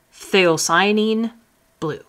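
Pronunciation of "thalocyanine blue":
In 'phthalocyanine blue', the 'ph' at the start is said as just a hint of an f sound.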